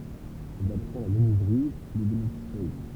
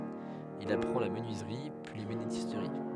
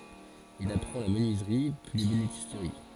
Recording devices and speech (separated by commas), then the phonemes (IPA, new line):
temple vibration pickup, headset microphone, forehead accelerometer, read sentence
il apʁɑ̃ la mənyizʁi pyi lebenistʁi